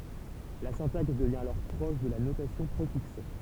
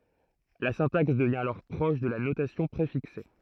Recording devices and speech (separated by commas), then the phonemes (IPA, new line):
temple vibration pickup, throat microphone, read sentence
la sɛ̃taks dəvjɛ̃ alɔʁ pʁɔʃ də la notasjɔ̃ pʁefikse